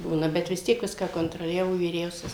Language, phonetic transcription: Lithuanian, ˈbūna ˈbet vis ˈtiek ˈviską kontroˈliavo vyˈriausias

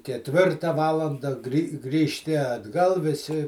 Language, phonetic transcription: Lithuanian, ketˈvirta ˈvalanda grį grįžˈti atˈgal viˈsi

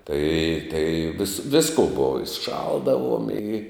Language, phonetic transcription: Lithuanian, tai tai vis ˈvisko ˈbova i ˈšaldavuom i

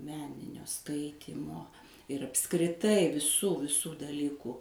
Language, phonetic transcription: Lithuanian, ˈmeninio ˈskaitymo ir apskriˈtai viˈsų viˈsų daˈlykų

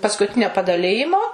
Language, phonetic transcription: Lithuanian, paskuˈtinio padaˈlijimo

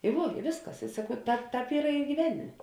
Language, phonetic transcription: Lithuanian, i ˈvuo i ˈvėsˌkas i saˈkau ˈtāp ˈtāp ˈyra i gyˈvenimė

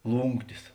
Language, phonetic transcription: Lithuanian, ˈlūnktis

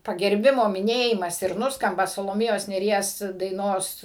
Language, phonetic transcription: Lithuanian, pagerˈbimo miˈnėjimas ir ˈnuskamba saloˈmėjos nėˈries daiˈnos

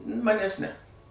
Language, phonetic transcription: Lithuanian, ˈmanes ne

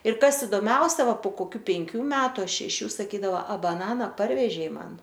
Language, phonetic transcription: Lithuanian, ir ˈkas idoˈmiausia ˈva po koˈkių penˈkių ˈmetu a šeˈšių saˈkydava a baˈnana ˈparvežei ˈman

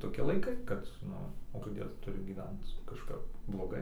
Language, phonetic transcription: Lithuanian, toˈki laiˈkai kad ˈnu o koˈdėl tuˈriu gyˈvenc kažˈkap bloˈgai

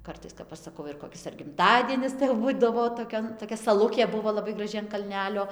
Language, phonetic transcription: Lithuanian, ˈkartais kap ˈaš saˈkau ir koˈkis ar gimˈtadienis tai jau ˈbūdavo toˈkion toˈkia saˈlukė ˈbuvo laˈbai graˈži an kalˈnelio

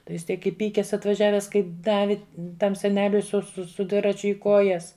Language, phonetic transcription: Lithuanian, tai ˈjis ˈtiek iˈpykes atvaˈžiaves kai ˈdavi ˈtam seˈneliui su su su ˈdviračiu i ˈkojas

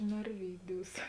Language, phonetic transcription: Lithuanian, narˈvyˌdiūs

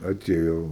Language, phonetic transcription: Lithuanian, aˈtėjo

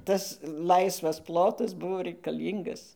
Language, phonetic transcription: Lithuanian, ˈtas ˈlaisvas ˈplotas ˈbuvo reikaˈlyngas

